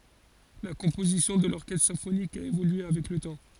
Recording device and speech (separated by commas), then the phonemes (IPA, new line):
forehead accelerometer, read sentence
la kɔ̃pozisjɔ̃ də lɔʁkɛstʁ sɛ̃fonik a evolye avɛk lə tɑ̃